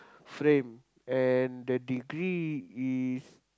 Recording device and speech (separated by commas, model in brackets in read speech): close-talking microphone, conversation in the same room